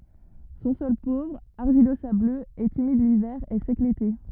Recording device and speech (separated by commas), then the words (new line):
rigid in-ear microphone, read sentence
Son sol pauvre, argilo-sableux, est humide l'hiver et sec l'été.